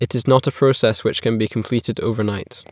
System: none